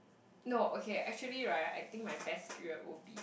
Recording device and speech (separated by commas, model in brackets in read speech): boundary microphone, conversation in the same room